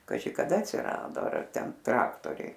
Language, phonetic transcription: Lithuanian, kaˈži kaˈda atsiˈrado ˈar ˈten ˈtraktoriai

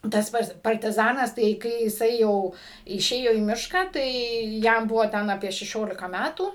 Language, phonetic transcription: Lithuanian, ˈtas ˈpats partiˈzanas tai ˈkai jiˈsai ˈjau iˈšėjo į ˈmišką ˈtai ˈjam ˈbuvo ˈten aˈpie šeˈšiolika ˈmætų

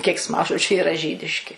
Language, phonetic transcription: Lithuanian, keiksˈmažodžiu iˈra ˈžydiški

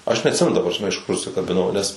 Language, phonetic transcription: Lithuanian, ˈaš neatˈsimenu ta prasˈme iš kur užsikabiˈnau nes

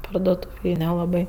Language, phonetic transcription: Lithuanian, parduoˈtūvėj nelaˈbai

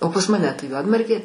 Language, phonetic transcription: Lithuanian, o pas maˈne ˈtai ˈjuodmargė

